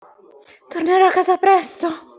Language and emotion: Italian, fearful